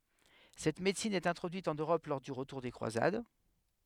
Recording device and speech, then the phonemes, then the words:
headset microphone, read sentence
sɛt medəsin ɛt ɛ̃tʁodyit ɑ̃n øʁɔp lɔʁ dy ʁətuʁ de kʁwazad
Cette médecine est introduite en Europe lors du retour des croisades.

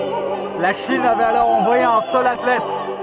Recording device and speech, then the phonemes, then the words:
soft in-ear microphone, read sentence
la ʃin avɛt alɔʁ ɑ̃vwaje œ̃ sœl atlɛt
La Chine avait alors envoyé un seul athlète.

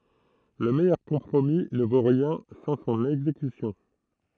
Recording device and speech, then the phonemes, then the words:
throat microphone, read sentence
lə mɛjœʁ kɔ̃pʁomi nə vo ʁjɛ̃ sɑ̃ sɔ̃n ɛɡzekysjɔ̃
Le meilleur compromis ne vaut rien sans son exécution.

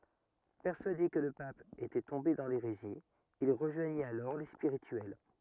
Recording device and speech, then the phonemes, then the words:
rigid in-ear microphone, read sentence
pɛʁsyade kə lə pap etɛ tɔ̃be dɑ̃ leʁezi il ʁəʒwaɲit alɔʁ le spiʁityɛl
Persuadé que le pape était tombé dans l’hérésie, il rejoignit alors les Spirituels.

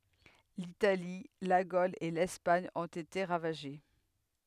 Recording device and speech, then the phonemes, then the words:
headset microphone, read sentence
litali la ɡol e lɛspaɲ ɔ̃t ete ʁavaʒe
L'Italie, la Gaule et l'Espagne ont été ravagées.

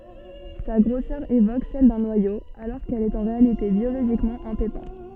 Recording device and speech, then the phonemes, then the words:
soft in-ear microphone, read sentence
sa ɡʁosœʁ evok sɛl dœ̃ nwajo alɔʁ kɛl ɛt ɑ̃ ʁealite bjoloʒikmɑ̃ œ̃ pepɛ̃
Sa grosseur évoque celle d'un noyau, alors qu'elle est en réalité biologiquement un pépin.

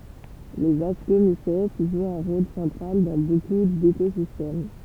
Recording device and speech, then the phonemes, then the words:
temple vibration pickup, read sentence
lez askomisɛt ʒwt œ̃ ʁol sɑ̃tʁal dɑ̃ boku dekozistɛm
Les Ascomycètes jouent un rôle central dans beaucoup d’écosystèmes.

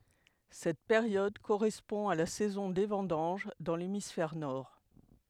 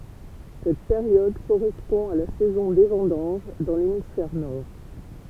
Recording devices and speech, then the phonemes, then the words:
headset microphone, temple vibration pickup, read sentence
sɛt peʁjɔd koʁɛspɔ̃ a la sɛzɔ̃ de vɑ̃dɑ̃ʒ dɑ̃ lemisfɛʁ nɔʁ
Cette période correspond à la saison des vendanges dans l'hémisphère nord.

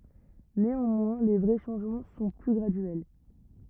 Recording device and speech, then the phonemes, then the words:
rigid in-ear microphone, read sentence
neɑ̃mwɛ̃ le vʁɛ ʃɑ̃ʒmɑ̃ sɔ̃ ply ɡʁadyɛl
Néanmoins, les vrais changements sont plus graduels.

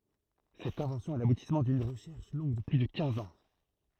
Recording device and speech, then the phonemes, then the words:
throat microphone, read sentence
sɛt ɛ̃vɑ̃sjɔ̃ ɛ labutismɑ̃ dyn ʁəʃɛʁʃ lɔ̃ɡ də ply də kɛ̃z ɑ̃
Cette invention est l'aboutissement d'une recherche longue de plus de quinze ans.

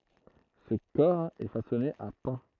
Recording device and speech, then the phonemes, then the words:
throat microphone, read sentence
sə kɔʁ ɛ fasɔne a pɑ̃
Ce cor est façonné à pans.

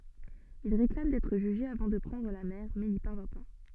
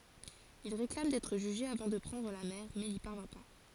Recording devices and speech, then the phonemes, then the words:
soft in-ear microphone, forehead accelerometer, read sentence
il ʁeklam dɛtʁ ʒyʒe avɑ̃ də pʁɑ̃dʁ la mɛʁ mɛ ni paʁvjɛ̃ pa
Il réclame d'être jugé avant de prendre la mer mais n'y parvient pas.

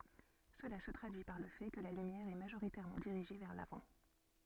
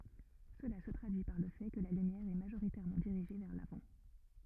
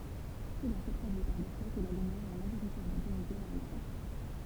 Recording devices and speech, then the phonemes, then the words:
soft in-ear microphone, rigid in-ear microphone, temple vibration pickup, read sentence
səla sə tʁadyi paʁ lə fɛ kə la lymjɛʁ ɛ maʒoʁitɛʁmɑ̃ diʁiʒe vɛʁ lavɑ̃
Cela se traduit par le fait que la lumière est majoritairement dirigée vers l'avant.

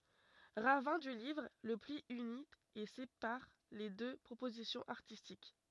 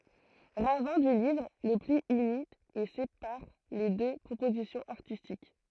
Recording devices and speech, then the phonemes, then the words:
rigid in-ear microphone, throat microphone, read sentence
ʁavɛ̃ dy livʁ lə pli yni e sepaʁ le dø pʁopozisjɔ̃z aʁtistik
Ravin du livre, le pli unit et sépare les deux propositions artistiques.

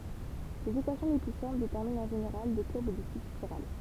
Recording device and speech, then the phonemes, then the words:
temple vibration pickup, read sentence
lez ekwasjɔ̃ le ply sɛ̃pl detɛʁmint ɑ̃ ʒeneʁal de kuʁb də tip spiʁal
Les équations les plus simples déterminent en général des courbes de type spirale.

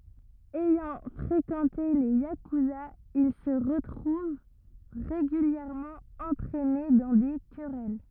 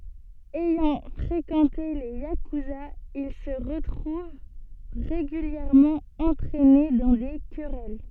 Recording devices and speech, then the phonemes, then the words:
rigid in-ear microphone, soft in-ear microphone, read sentence
ɛjɑ̃ fʁekɑ̃te le jakyzaz il sə ʁətʁuv ʁeɡyljɛʁmɑ̃ ɑ̃tʁɛne dɑ̃ de kʁɛl
Ayant fréquenté les yakuzas, il se retrouve régulièrement entraîné dans des querelles.

